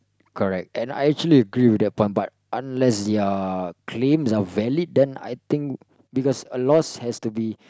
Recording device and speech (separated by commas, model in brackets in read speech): close-talking microphone, conversation in the same room